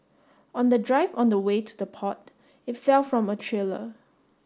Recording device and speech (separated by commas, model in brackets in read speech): standing microphone (AKG C214), read sentence